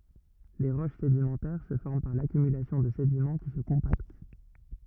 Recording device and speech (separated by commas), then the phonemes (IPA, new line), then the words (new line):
rigid in-ear microphone, read sentence
le ʁoʃ sedimɑ̃tɛʁ sə fɔʁm paʁ lakymylasjɔ̃ də sedimɑ̃ ki sə kɔ̃pakt
Les roches sédimentaires se forment par l'accumulation de sédiments qui se compactent.